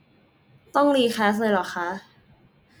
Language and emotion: Thai, neutral